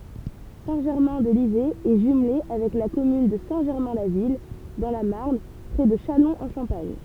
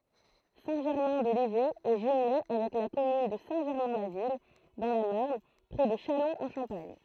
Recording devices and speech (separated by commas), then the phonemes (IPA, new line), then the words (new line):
temple vibration pickup, throat microphone, read sentence
sɛ̃ ʒɛʁmɛ̃ də livɛ ɛ ʒymle avɛk la kɔmyn də sɛ̃ ʒɛʁmɛ̃ la vil dɑ̃ la maʁn pʁɛ də ʃalɔ̃z ɑ̃ ʃɑ̃paɲ
Saint-Germain-de-Livet est jumelée avec la commune de Saint-Germain-la-Ville dans la Marne près de Châlons-en-Champagne.